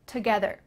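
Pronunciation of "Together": In 'together', the first syllable almost sounds like 'ta'.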